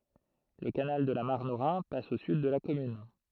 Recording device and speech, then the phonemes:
throat microphone, read sentence
lə kanal də la maʁn o ʁɛ̃ pas o syd də la kɔmyn

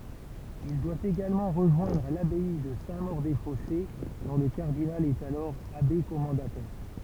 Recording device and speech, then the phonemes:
temple vibration pickup, read sentence
il dwa eɡalmɑ̃ ʁəʒwɛ̃dʁ labɛi də sɛ̃ moʁ de fɔse dɔ̃ lə kaʁdinal ɛt alɔʁ abe kɔmɑ̃datɛʁ

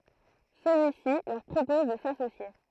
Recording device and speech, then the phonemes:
throat microphone, read sentence
səlyisi lœʁ pʁopɔz də sasosje

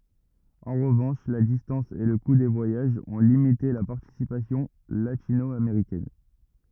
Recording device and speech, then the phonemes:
rigid in-ear microphone, read sentence
ɑ̃ ʁəvɑ̃ʃ la distɑ̃s e lə ku de vwajaʒz ɔ̃ limite la paʁtisipasjɔ̃ latino ameʁikɛn

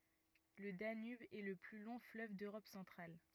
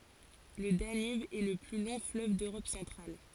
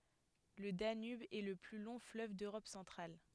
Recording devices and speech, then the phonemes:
rigid in-ear microphone, forehead accelerometer, headset microphone, read sentence
lə danyb ɛ lə ply lɔ̃ fløv døʁɔp sɑ̃tʁal

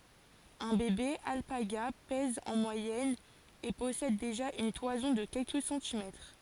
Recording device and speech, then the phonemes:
forehead accelerometer, read sentence
œ̃ bebe alpaɡa pɛz ɑ̃ mwajɛn e pɔsɛd deʒa yn twazɔ̃ də kɛlkə sɑ̃timɛtʁ

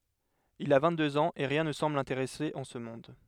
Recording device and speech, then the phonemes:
headset microphone, read sentence
il a vɛ̃ɡtdøz ɑ̃z e ʁjɛ̃ nə sɑ̃bl lɛ̃teʁɛse ɑ̃ sə mɔ̃d

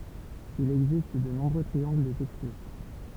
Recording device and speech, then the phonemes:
temple vibration pickup, read sentence
il ɛɡzist də nɔ̃bʁø tʁiɑ̃ɡl də tɛkstyʁ

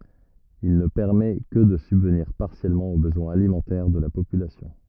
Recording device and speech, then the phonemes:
rigid in-ear microphone, read sentence
il nə pɛʁmɛ kə də sybvniʁ paʁsjɛlmɑ̃ o bəzwɛ̃z alimɑ̃tɛʁ də la popylasjɔ̃

